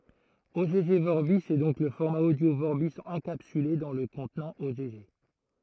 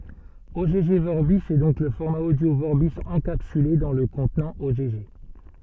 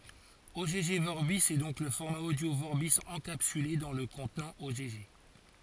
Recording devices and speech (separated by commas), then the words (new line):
throat microphone, soft in-ear microphone, forehead accelerometer, read sentence
Ogg Vorbis est donc le format audio Vorbis encapsulé dans le contenant Ogg.